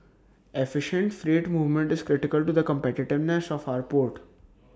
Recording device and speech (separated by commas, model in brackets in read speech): standing microphone (AKG C214), read sentence